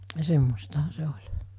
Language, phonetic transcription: Finnish, 'semmostaha se 'oĺ .
- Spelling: semmoistahan se oli

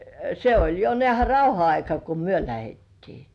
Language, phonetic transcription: Finnish, se oĺ jo 'nĕä̀hä "rauha aika ku "myö 'lähettii .
- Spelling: se oli jo näehän rauhan aika kun me lähdettiin

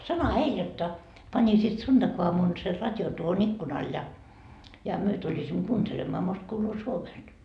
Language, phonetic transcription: Finnish, 'sanoha 'heil jotta , 'pańisiit 'sunDakuamun ser 'rat́jon tuoho'n ‿ikkunaal ja , ja myö tuĺisimmo 'kuuntelemmaa most kuuluu 'Suomest » .
- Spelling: sanohan heille jotta panisivat sunnuntaiaamuna sen radion tuohon ikkunalle ja ja me tulisimme kuuntelemaan most kuuluu Suomesta

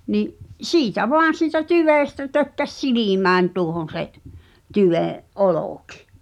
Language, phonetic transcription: Finnish, ni’ , "siitä 'voan̬ siitä "tyvèstä tökkäs 'silimääń tuohon̬ se’ , 'tyveḛ’ , "’olòkɪ .
- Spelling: niin siitä vain siitä tyvestä tökkäsi silmään tuohon se tyveen olki

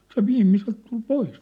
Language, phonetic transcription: Finnish, se 'viimmiselt tul "pois .
- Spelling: se viimeiseltä tuli pois

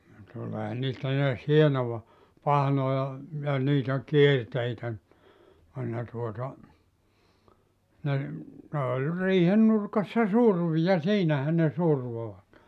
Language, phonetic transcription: Finnish, ni 'tuleehan niistä neäs 'hienova , 'pahnoja , ja niitä "kierteitä (nⁱ) , ne tuota , ne , ne oĺ 'riihen nurkassa "survi ja 'siinähä ne 'survovat .
- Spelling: niin tuleehan niistä näet hienoa pahnoja ja niitä kierteitä ne ne tuota ne ne oli riihen nurkassa survin ja siinähän ne survoivat

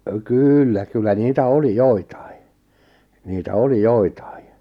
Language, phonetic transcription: Finnish, 'kyyllä , 'kyllä niitä "oli "joitᴀɪ , niitä 'oli "joitᴀi .
- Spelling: kyllä kyllä niitä oli joitakin niitä oli joitakin

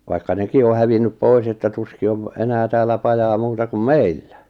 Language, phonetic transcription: Finnish, vaikka 'neki o hävinnyp 'pois että 'tuski ov , enää 'täällä "pajaa 'muuta kum "meillä .
- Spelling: vaikka nekin on hävinneet pois että tuskin on enää täällä pajaa muuta kuin meillä

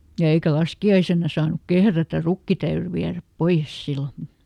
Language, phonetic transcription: Finnish, ja ˈeikä ˈlaski₍aisenna saan̆nuk "kehrätär ˈrukki täyry ˈviäräp "poiʲes ˈsillo .
- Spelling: ja eikä laskiaisena saanut kehrätä rukki täytyi viedä pois silloin

